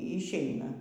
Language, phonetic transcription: Lithuanian, išˈeina

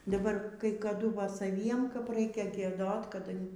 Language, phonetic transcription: Lithuanian, daˈbar kai kaˈdu ˈva saˈviem kap ˈraikia gieˈdot kaˈda

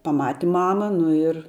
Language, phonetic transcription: Lithuanian, paˈmati ˈmama ˈnu ir

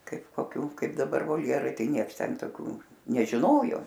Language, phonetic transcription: Lithuanian, ˈkaip koˈkių ˈkaip daˈbar volˈjerai ˈtai ˈnieks ˈten toˈkių nežiˈnojo

